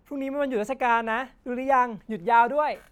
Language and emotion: Thai, happy